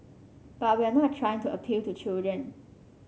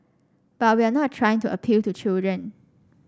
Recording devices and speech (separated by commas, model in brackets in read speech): mobile phone (Samsung C5), standing microphone (AKG C214), read sentence